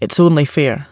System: none